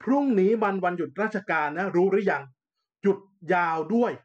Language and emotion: Thai, frustrated